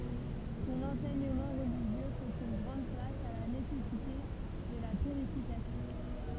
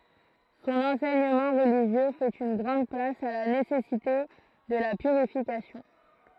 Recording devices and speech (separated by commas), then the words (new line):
temple vibration pickup, throat microphone, read sentence
Son enseignement religieux fait une grande place à la nécessité de la purification.